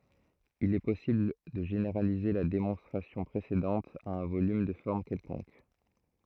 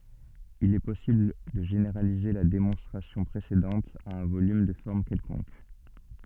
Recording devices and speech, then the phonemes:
throat microphone, soft in-ear microphone, read sentence
il ɛ pɔsibl də ʒeneʁalize la demɔ̃stʁasjɔ̃ pʁesedɑ̃t a œ̃ volym də fɔʁm kɛlkɔ̃k

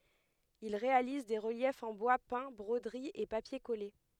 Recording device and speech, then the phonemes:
headset microphone, read sentence
il ʁealiz de ʁəljɛfz ɑ̃ bwa pɛ̃ bʁodəʁiz e papje kɔle

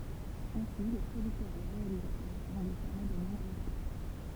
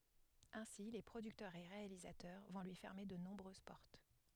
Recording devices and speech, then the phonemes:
temple vibration pickup, headset microphone, read sentence
ɛ̃si le pʁodyktœʁz e ʁealizatœʁ vɔ̃ lyi fɛʁme də nɔ̃bʁøz pɔʁt

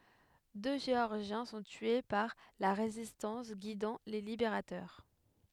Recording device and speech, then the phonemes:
headset microphone, read sentence
dø ʒeɔʁʒjɛ̃ sɔ̃ tye paʁ la ʁezistɑ̃s ɡidɑ̃ le libeʁatœʁ

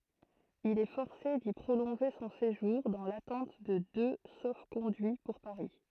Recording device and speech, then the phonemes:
throat microphone, read sentence
il ɛ fɔʁse di pʁolɔ̃ʒe sɔ̃ seʒuʁ dɑ̃ latɑ̃t də dø sofkɔ̃dyi puʁ paʁi

